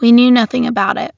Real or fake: real